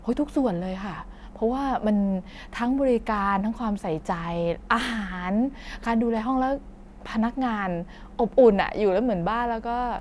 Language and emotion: Thai, happy